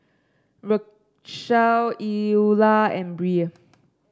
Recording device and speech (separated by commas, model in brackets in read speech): standing microphone (AKG C214), read sentence